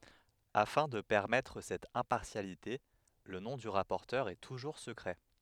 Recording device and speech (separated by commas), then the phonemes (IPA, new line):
headset microphone, read sentence
afɛ̃ də pɛʁmɛtʁ sɛt ɛ̃paʁsjalite lə nɔ̃ dy ʁapɔʁtœʁ ɛ tuʒuʁ səkʁɛ